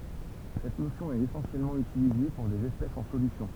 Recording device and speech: temple vibration pickup, read sentence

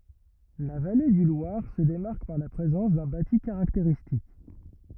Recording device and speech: rigid in-ear microphone, read sentence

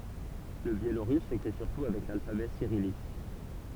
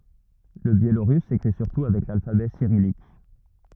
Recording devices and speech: temple vibration pickup, rigid in-ear microphone, read sentence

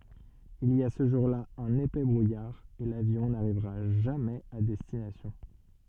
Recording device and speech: soft in-ear microphone, read sentence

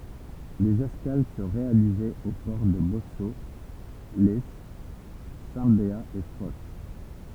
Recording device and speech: temple vibration pickup, read sentence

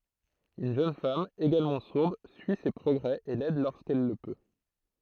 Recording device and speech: throat microphone, read sentence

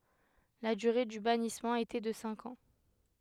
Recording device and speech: headset microphone, read sentence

